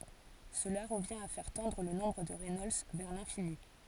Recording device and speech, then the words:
forehead accelerometer, read sentence
Cela revient à faire tendre le nombre de Reynolds vers l'infini.

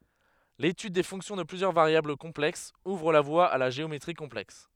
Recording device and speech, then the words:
headset microphone, read sentence
L'étude des fonctions de plusieurs variables complexes ouvre la voie à la géométrie complexe.

